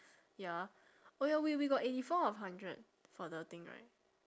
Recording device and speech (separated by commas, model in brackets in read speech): standing microphone, conversation in separate rooms